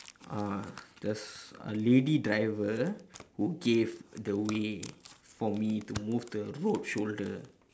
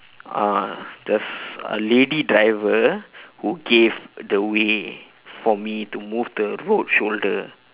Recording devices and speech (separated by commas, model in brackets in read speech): standing microphone, telephone, conversation in separate rooms